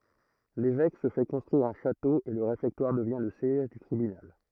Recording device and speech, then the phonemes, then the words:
throat microphone, read sentence
levɛk sə fɛ kɔ̃stʁyiʁ œ̃ ʃato e lə ʁefɛktwaʁ dəvjɛ̃ lə sjɛʒ dy tʁibynal
L'évêque se fait construire un château et le réfectoire devient le siège du tribunal.

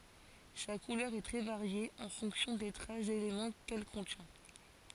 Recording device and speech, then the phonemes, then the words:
forehead accelerometer, read sentence
sa kulœʁ ɛ tʁɛ vaʁje ɑ̃ fɔ̃ksjɔ̃ de tʁas delemɑ̃ kɛl kɔ̃tjɛ̃
Sa couleur est très variée, en fonction des traces d'éléments qu'elle contient.

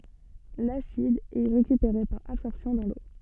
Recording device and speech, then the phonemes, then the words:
soft in-ear microphone, read sentence
lasid ɛ ʁekypeʁe paʁ absɔʁpsjɔ̃ dɑ̃ lo
L'acide est récupéré par absorption dans l'eau.

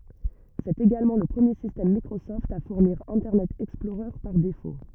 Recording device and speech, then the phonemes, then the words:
rigid in-ear microphone, read sentence
sɛt eɡalmɑ̃ lə pʁəmje sistɛm mikʁosɔft a fuʁniʁ ɛ̃tɛʁnɛt ɛksplɔʁœʁ paʁ defo
C'est également le premier système Microsoft à fournir Internet Explorer par défaut.

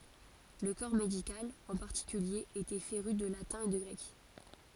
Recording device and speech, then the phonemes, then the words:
forehead accelerometer, read sentence
lə kɔʁ medikal ɑ̃ paʁtikylje etɛ feʁy də latɛ̃ e də ɡʁɛk
Le corps médical, en particulier, était féru de latin et de grec.

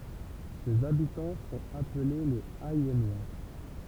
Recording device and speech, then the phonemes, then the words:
temple vibration pickup, read sentence
sez abitɑ̃ sɔ̃t aple lez ɛjɛnwa
Ses habitants sont appelés les Ayennois.

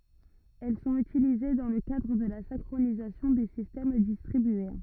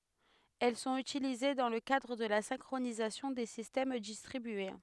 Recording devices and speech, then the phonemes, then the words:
rigid in-ear microphone, headset microphone, read sentence
ɛl sɔ̃t ytilize dɑ̃ lə kadʁ də la sɛ̃kʁonizasjɔ̃ de sistɛm distʁibye
Elles sont utilisées dans le cadre de la synchronisation des systèmes distribués.

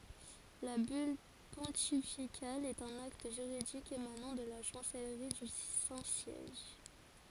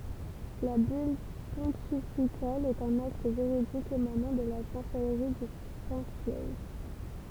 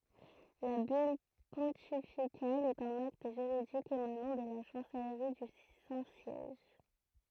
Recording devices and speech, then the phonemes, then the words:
forehead accelerometer, temple vibration pickup, throat microphone, read sentence
la byl pɔ̃tifikal ɛt œ̃n akt ʒyʁidik emanɑ̃ də la ʃɑ̃sɛlʁi dy sɛ̃ sjɛʒ
La bulle pontificale est un acte juridique émanant de la chancellerie du Saint-Siège.

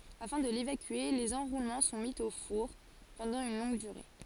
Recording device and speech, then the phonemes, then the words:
forehead accelerometer, read sentence
afɛ̃ də levakye lez ɑ̃ʁulmɑ̃ sɔ̃ mi o fuʁ pɑ̃dɑ̃ yn lɔ̃ɡ dyʁe
Afin de l'évacuer, les enroulements sont mis au four pendant une longue durée.

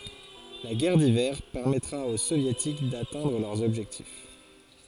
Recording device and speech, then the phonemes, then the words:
forehead accelerometer, read sentence
la ɡɛʁ divɛʁ pɛʁmɛtʁa o sovjetik datɛ̃dʁ lœʁz ɔbʒɛktif
La guerre d'Hiver permettra aux Soviétiques d'atteindre leurs objectifs.

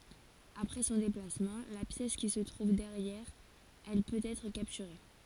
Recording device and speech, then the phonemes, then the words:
forehead accelerometer, read sentence
apʁɛ sɔ̃ deplasmɑ̃ la pjɛs ki sə tʁuv dɛʁjɛʁ ɛl pøt ɛtʁ kaptyʁe
Après son déplacement, la pièce qui se trouve derrière elle peut être capturée.

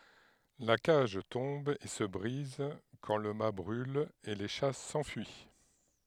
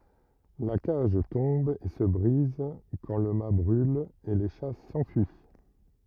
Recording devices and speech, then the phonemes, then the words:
headset microphone, rigid in-ear microphone, read sentence
la kaʒ tɔ̃b e sə bʁiz kɑ̃ lə mat bʁyl e le ʃa sɑ̃fyi
La cage tombe et se brise quand le mat brule, et les chats s'enfuient.

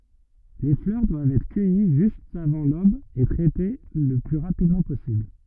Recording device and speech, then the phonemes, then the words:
rigid in-ear microphone, read sentence
le flœʁ dwavt ɛtʁ kœji ʒyst avɑ̃ lob e tʁɛte lə ply ʁapidmɑ̃ pɔsibl
Les fleurs doivent être cueillies juste avant l'aube et traitées le plus rapidement possible.

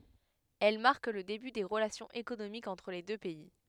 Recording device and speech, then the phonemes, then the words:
headset microphone, read sentence
ɛl maʁk lə deby de ʁəlasjɔ̃z ekonomikz ɑ̃tʁ le dø pɛi
Elles marquent le début des relations économiques entre les deux pays.

